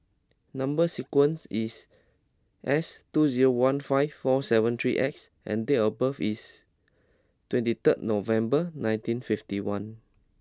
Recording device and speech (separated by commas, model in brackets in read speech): close-talking microphone (WH20), read sentence